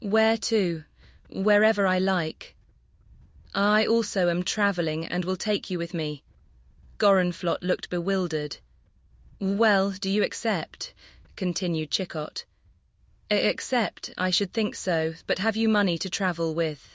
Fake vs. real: fake